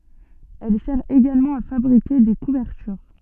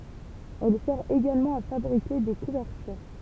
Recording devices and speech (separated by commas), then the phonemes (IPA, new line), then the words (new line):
soft in-ear microphone, temple vibration pickup, read sentence
ɛl sɛʁ eɡalmɑ̃ a fabʁike de kuvɛʁtyʁ
Elle sert également à fabriquer des couvertures.